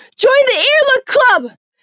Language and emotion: English, fearful